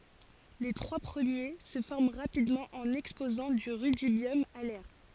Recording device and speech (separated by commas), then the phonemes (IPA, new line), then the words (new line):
forehead accelerometer, read sentence
le tʁwa pʁəmje sə fɔʁm ʁapidmɑ̃ ɑ̃n ɛkspozɑ̃ dy ʁydibjɔm a lɛʁ
Les trois premiers se forment rapidement en exposant du rudibium à l'air.